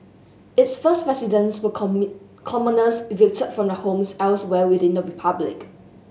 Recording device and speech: mobile phone (Samsung S8), read sentence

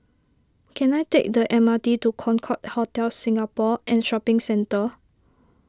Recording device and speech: standing microphone (AKG C214), read sentence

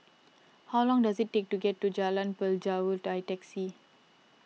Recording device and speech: mobile phone (iPhone 6), read sentence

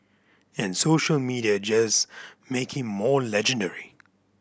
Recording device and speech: boundary microphone (BM630), read sentence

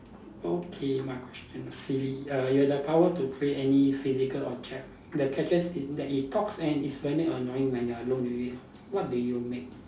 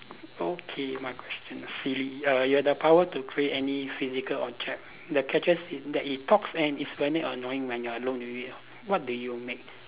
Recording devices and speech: standing microphone, telephone, conversation in separate rooms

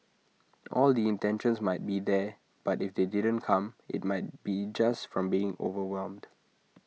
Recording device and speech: mobile phone (iPhone 6), read sentence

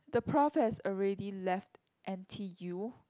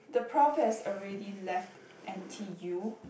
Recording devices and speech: close-talking microphone, boundary microphone, conversation in the same room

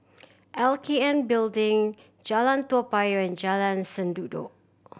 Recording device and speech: boundary microphone (BM630), read sentence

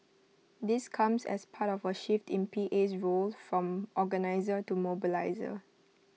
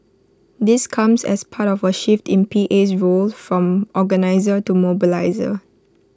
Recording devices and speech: mobile phone (iPhone 6), close-talking microphone (WH20), read sentence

